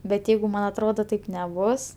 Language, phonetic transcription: Lithuanian, bet ˈjeigu ˈman atˈrodo ˈtaip neˈbus

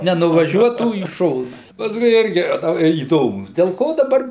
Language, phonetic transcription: Lithuanian, nenuvaˈžiuotų į ˈšona pasˈkui ˈirgi a ˈta įˈdomu del ˈko daˈbar

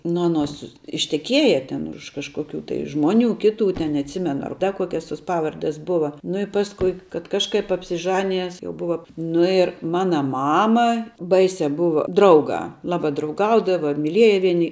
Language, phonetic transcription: Lithuanian, ˈnu aˈnos išteˈkieja ˈten už kažkoˈkių tai ˈžmoˌnių ˈkiˌtų ten neatˈsimenu ar ˈda ˈkuokias tos ˈpavardes ˈbuva nu i ˈpaskui kad ˈkažˌkaip apsiˈžanijes jau ˈbuva ˈnu ir ˈmana ˈmama ˈbaisia ˈbuva ˈdraugā ˈlaba drauˈgaudava miˈlieja ˈvieni

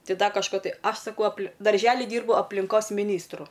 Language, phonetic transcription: Lithuanian, ˈtai ˈda kažˈko ˈtai ˈaš saˈkau apl darˈželi ˈdyrbu aplinˈkos miˈnystru

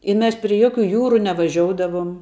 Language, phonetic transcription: Lithuanian, i ˈmes pri ˈjokiu ˈjūru nevaˈžioudavum

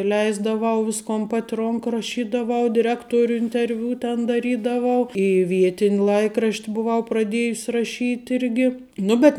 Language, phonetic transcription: Lithuanian, ˈleisdavau ˈviskon ˈpat' ˈronk raˈšydavau diˈrektoriu interˈviu ten daˈrydavau į ˈvietin' ˈlaikrašt' buˈvau praˈdiejus' raˈšyt ˈirgi ˈnu ˈbet

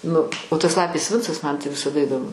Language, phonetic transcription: Lithuanian, ˈnu nu o tas ˈlapės ˈvincas man tai visaˈda idoˈmu

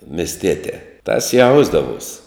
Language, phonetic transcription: Lithuanian, misˈtietē tas ˈjausdavuos'

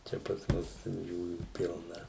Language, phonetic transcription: Lithuanian, ˈčia pas ˈmus ten ˈjųjų ˈpilna

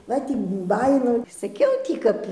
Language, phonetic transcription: Lithuanian, ˈva ˈtį ˈbajinau saˈkiau tį ˈkap

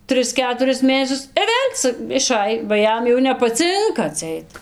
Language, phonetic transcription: Lithuanian, ˈtris ˈketuris ˈmėnesius i ˈvėl' ca iˈšaj ba ˈjam jau nepaˈcinka atˈseit

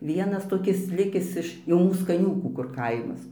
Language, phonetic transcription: Lithuanian, ˈvienas toˈkis ˈlikis iš jau ˈmūs kaˈniūkų kur ˈkaimas

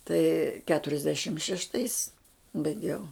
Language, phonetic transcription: Lithuanian, tai keturiasˈdešim šešˈtais baiˈgiau

